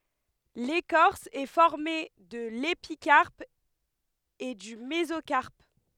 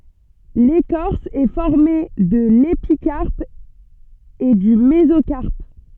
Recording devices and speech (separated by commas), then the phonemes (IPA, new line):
headset microphone, soft in-ear microphone, read sentence
lekɔʁs ɛ fɔʁme də lepikaʁp e dy mezokaʁp